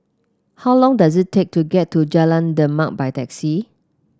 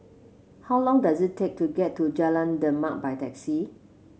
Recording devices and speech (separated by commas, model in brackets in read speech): close-talking microphone (WH30), mobile phone (Samsung C7), read sentence